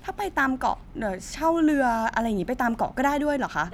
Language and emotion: Thai, neutral